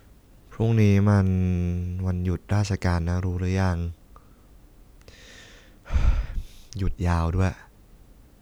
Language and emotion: Thai, neutral